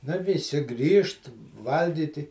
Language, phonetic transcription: Lithuanian, ˈnu viˈsi ˈgrįžt ˈvalgyti

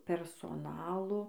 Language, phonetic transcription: Lithuanian, persoˈnalo

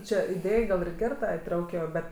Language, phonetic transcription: Lithuanian, ˈčia iˈdėj gal ir ˈger ˈta iˈtraukijo ˈbet

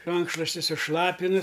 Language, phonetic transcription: Lithuanian, ˈrankšlosti suˈšlapinu

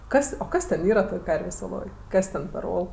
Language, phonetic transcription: Lithuanian, ˈkas o ˈkas ten ˈyra ˈtoj ˈkarvės' oˈloj ˈkas ten per ˈol

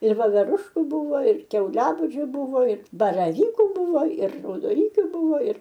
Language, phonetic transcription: Lithuanian, ir voveˈrušku ˈbuvo ir kiauˈliabūdžiu ˈbuvo ir baraˈvyku ˈbuvo ir raudoˈnykiu ˈbūvo ir

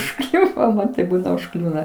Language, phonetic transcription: Lithuanian, užˈkliuvo ˈman taip ˈbūna užˈkliūna

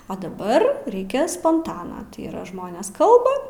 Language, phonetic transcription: Lithuanian, o daˈbar ˈreikės sponˈtana tai yˈra ˈžmonės ˈkalba

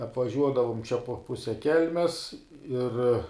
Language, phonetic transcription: Lithuanian, apvaˈžiuodavum čia po ˈpuse ˈkelmes ˈir

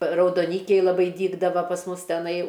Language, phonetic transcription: Lithuanian, raudoˈnykiai laˈbai ˈdygdava pas ˈmus teˈnai

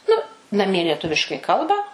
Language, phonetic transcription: Lithuanian, ˈnu naˈmie lieˈtuviškai ˈkalba

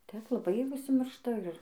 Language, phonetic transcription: Lithuanian, ˈtep laˈbai užsiˈmiršta ir

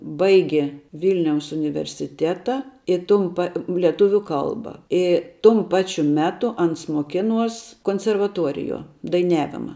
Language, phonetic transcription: Lithuanian, ˈbaigė ˈvilniaus universiˈteta i ˈtum pa leˈtuviu ˈkalba ˈi tum ˈpačiu ˈmetu ˈans moˈkiˌnuos konservaˈtuoriˌjuo daiˈniavima

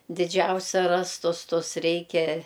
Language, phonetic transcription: Lithuanian, diˈdžiausia ˈrastus ˈtus ˈreikia

